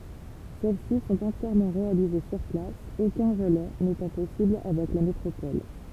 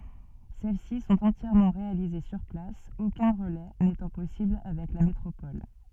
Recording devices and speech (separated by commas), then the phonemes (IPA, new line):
temple vibration pickup, soft in-ear microphone, read sentence
sɛl si sɔ̃t ɑ̃tjɛʁmɑ̃ ʁealize syʁ plas okœ̃ ʁəlɛ netɑ̃ pɔsibl avɛk la metʁopɔl